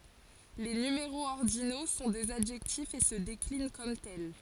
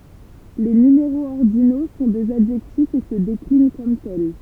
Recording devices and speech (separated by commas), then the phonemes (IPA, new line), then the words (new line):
forehead accelerometer, temple vibration pickup, read sentence
le nymeʁoz ɔʁdino sɔ̃ dez adʒɛktifz e sə deklin kɔm tɛl
Les numéraux ordinaux sont des adjectifs et se déclinent comme tels.